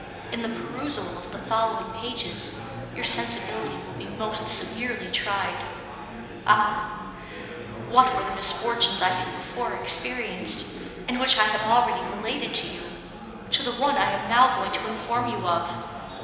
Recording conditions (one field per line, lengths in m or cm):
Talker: one person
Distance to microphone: 1.7 m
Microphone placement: close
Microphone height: 1.0 m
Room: very reverberant, large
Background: babble